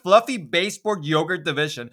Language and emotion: English, disgusted